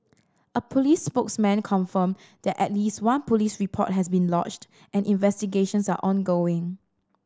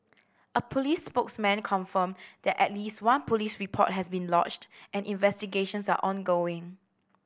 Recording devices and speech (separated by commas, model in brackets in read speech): standing microphone (AKG C214), boundary microphone (BM630), read sentence